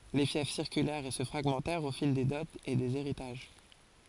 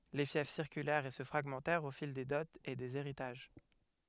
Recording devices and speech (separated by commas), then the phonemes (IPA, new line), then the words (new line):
forehead accelerometer, headset microphone, read sentence
le fjɛf siʁkylɛʁt e sə fʁaɡmɑ̃tɛʁt o fil de dɔtz e dez eʁitaʒ
Les fiefs circulèrent et se fragmentèrent au fil des dots et des héritages.